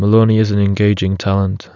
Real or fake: real